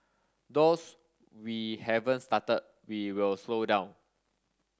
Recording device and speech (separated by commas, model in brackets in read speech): standing microphone (AKG C214), read sentence